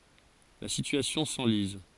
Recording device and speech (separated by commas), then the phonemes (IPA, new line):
forehead accelerometer, read sentence
la sityasjɔ̃ sɑ̃liz